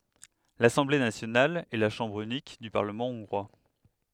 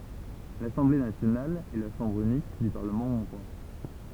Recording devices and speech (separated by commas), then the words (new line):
headset microphone, temple vibration pickup, read sentence
L'Assemblée nationale est la chambre unique du Parlement hongrois.